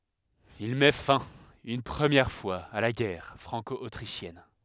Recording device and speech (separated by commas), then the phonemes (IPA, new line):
headset microphone, read sentence
il mɛ fɛ̃ yn pʁəmjɛʁ fwaz a la ɡɛʁ fʁɑ̃kɔotʁiʃjɛn